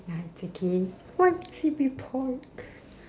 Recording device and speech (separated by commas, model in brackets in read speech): standing microphone, conversation in separate rooms